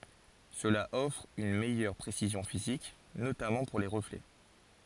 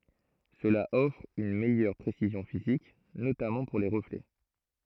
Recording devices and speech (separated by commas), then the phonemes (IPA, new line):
forehead accelerometer, throat microphone, read sentence
səla ɔfʁ yn mɛjœʁ pʁesizjɔ̃ fizik notamɑ̃ puʁ le ʁəflɛ